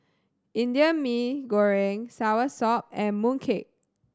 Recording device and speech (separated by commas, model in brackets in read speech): standing microphone (AKG C214), read sentence